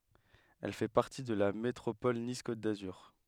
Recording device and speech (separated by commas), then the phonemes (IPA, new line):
headset microphone, read sentence
ɛl fɛ paʁti də la metʁopɔl nis kot dazyʁ